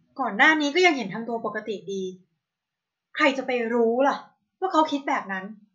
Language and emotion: Thai, frustrated